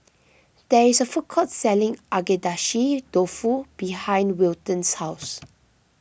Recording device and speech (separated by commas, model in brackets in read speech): boundary microphone (BM630), read sentence